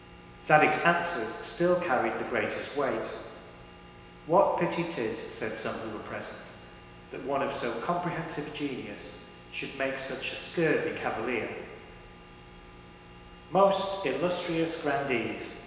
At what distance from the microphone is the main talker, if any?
1.7 m.